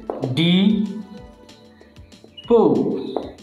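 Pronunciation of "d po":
'Depot' is said here with the American English pronunciation.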